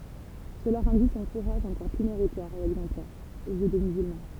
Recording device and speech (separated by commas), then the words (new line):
temple vibration pickup, read sentence
Cela rendit son courage encore plus méritoire et exemplaire, aux yeux des musulmans.